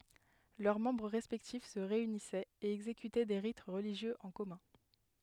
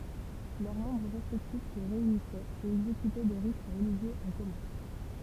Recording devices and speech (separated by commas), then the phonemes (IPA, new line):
headset microphone, temple vibration pickup, read sentence
lœʁ mɑ̃bʁ ʁɛspɛktif sə ʁeynisɛt e ɛɡzekytɛ de ʁit ʁəliʒjøz ɑ̃ kɔmœ̃